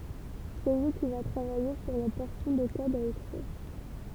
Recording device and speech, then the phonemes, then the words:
temple vibration pickup, read sentence
sɛ lyi ki va tʁavaje syʁ la pɔʁsjɔ̃ də kɔd a ekʁiʁ
C'est lui qui va travailler sur la portion de code à écrire.

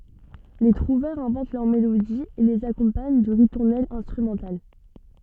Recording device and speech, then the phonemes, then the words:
soft in-ear microphone, read sentence
le tʁuvɛʁz ɛ̃vɑ̃t lœʁ melodiz e lez akɔ̃paɲ də ʁituʁnɛlz ɛ̃stʁymɑ̃tal
Les trouvères inventent leurs mélodies et les accompagnent de ritournelles instrumentales.

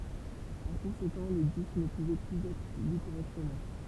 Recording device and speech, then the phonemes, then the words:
temple vibration pickup, read sentence
paʁ kɔ̃sekɑ̃ le disk nə puvɛ plyz ɛtʁ ly koʁɛktəmɑ̃
Par conséquent les disques ne pouvaient plus être lus correctement.

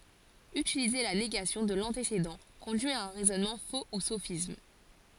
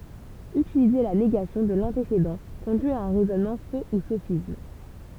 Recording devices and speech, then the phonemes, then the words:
forehead accelerometer, temple vibration pickup, read sentence
ytilize la neɡasjɔ̃ də lɑ̃tesedɑ̃ kɔ̃dyi a œ̃ ʁɛzɔnmɑ̃ fo u sofism
Utiliser la négation de l'antécédent conduit à un raisonnement faux ou sophisme.

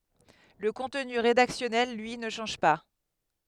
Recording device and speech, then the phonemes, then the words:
headset microphone, read sentence
lə kɔ̃tny ʁedaksjɔnɛl lyi nə ʃɑ̃ʒ pa
Le contenu rédactionnel, lui, ne change pas.

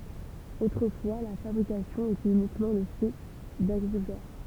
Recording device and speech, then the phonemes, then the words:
temple vibration pickup, read sentence
otʁəfwa la fabʁikasjɔ̃ etɛt ynikmɑ̃ lə fɛ daɡʁikyltœʁ
Autrefois, la fabrication était uniquement le fait d'agriculteurs.

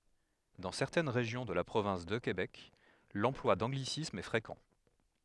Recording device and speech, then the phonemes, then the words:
headset microphone, read sentence
dɑ̃ sɛʁtɛn ʁeʒjɔ̃ də la pʁovɛ̃s də kebɛk lɑ̃plwa dɑ̃ɡlisismz ɛ fʁekɑ̃
Dans certaines régions de la province de Québec, l'emploi d'anglicismes est fréquent.

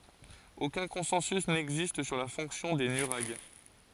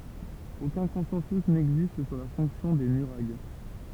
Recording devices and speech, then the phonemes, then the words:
forehead accelerometer, temple vibration pickup, read sentence
okœ̃ kɔ̃sɑ̃sy nɛɡzist syʁ la fɔ̃ksjɔ̃ de nyʁaɡ
Aucun consensus n'existe sur la fonction des nuraghes.

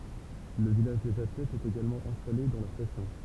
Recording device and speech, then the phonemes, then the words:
temple vibration pickup, read sentence
lə vilaʒ dez atlɛtz ɛt eɡalmɑ̃ ɛ̃stale dɑ̃ la stasjɔ̃
Le village des athlètes est également installé dans la station.

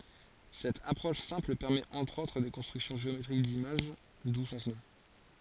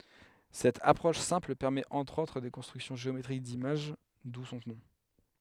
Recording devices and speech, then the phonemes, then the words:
forehead accelerometer, headset microphone, read sentence
sɛt apʁɔʃ sɛ̃pl pɛʁmɛt ɑ̃tʁ otʁ de kɔ̃stʁyksjɔ̃ ʒeometʁik dimaʒ du sɔ̃ nɔ̃
Cette approche simple permet entre autres des constructions géométriques d’images, d’où son nom.

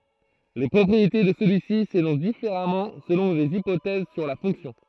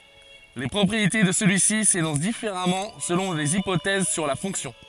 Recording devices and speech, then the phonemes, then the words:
throat microphone, forehead accelerometer, read sentence
le pʁɔpʁiete də səlyi si senɔ̃s difeʁamɑ̃ səlɔ̃ lez ipotɛz syʁ la fɔ̃ksjɔ̃
Les propriétés de celui-ci s'énoncent différemment selon les hypothèses sur la fonction.

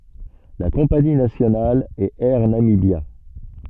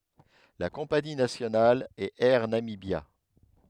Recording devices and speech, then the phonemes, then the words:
soft in-ear microphone, headset microphone, read sentence
la kɔ̃pani nasjonal ɛt ɛʁ namibja
La compagnie nationale est Air Namibia.

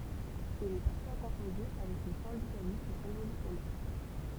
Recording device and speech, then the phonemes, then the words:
temple vibration pickup, read sentence
il ɛ paʁfwa kɔ̃fɔ̃dy avɛk lə sɛ̃dikalism ʁevolysjɔnɛʁ
Il est parfois confondu avec le syndicalisme révolutionnaire.

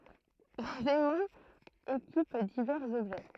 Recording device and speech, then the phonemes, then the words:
throat microphone, read sentence
lez ɛmɑ̃z ekip divɛʁz ɔbʒɛ
Les aimants équipent divers objets.

